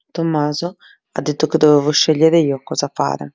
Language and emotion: Italian, neutral